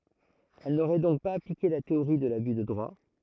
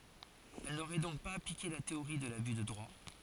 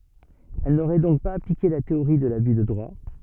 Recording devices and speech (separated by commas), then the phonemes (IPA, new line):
throat microphone, forehead accelerometer, soft in-ear microphone, read sentence
ɛl noʁɛ dɔ̃k paz aplike la teoʁi də laby də dʁwa